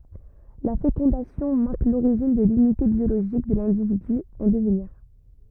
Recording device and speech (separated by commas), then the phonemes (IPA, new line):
rigid in-ear microphone, read sentence
la fekɔ̃dasjɔ̃ maʁk loʁiʒin də lynite bjoloʒik də lɛ̃dividy ɑ̃ dəvniʁ